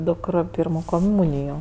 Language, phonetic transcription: Lithuanian, ˈdukr ˈpyrmo koˈmūnijo

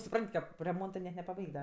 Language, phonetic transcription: Lithuanian, suˈpran't' ˈkap reˈmontɜ net nepaˈbaig't' da

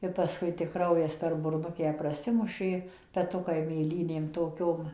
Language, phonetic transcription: Lithuanian, ir paˈskui tik ˈkraujas per burˈnukę praˈsimušė peˈtukai mėˈlynėm toˈkiom

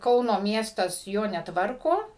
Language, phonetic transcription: Lithuanian, ˈkauno ˈmiestas ˈjo neˈtvarko

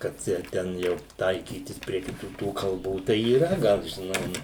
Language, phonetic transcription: Lithuanian, kad ˈjau ˈten jau ˈtaikytis prie kiˈtų tų kalˈbų tai yˈra ˈgal žiˈnai ˈnu

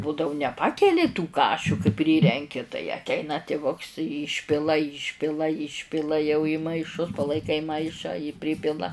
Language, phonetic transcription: Lithuanian, ˈbūdau ˈnepakeli tų ˈkašiu kai ˈpryrenki tai atˈeina tiˈvuks ˈyšpila ˈyšpila ˈyšpila jau į maiˈšus palaiˈkai ˈmaišą jį ˈpripila

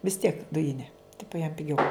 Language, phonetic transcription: Lithuanian, vis tiek ˈdujine ˈtipu jam piˈgiau

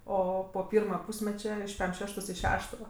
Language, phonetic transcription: Lithuanian, ˈo po ˈpyrma ˈpūsmeče iš pem ˈšeštos i ˈšešto

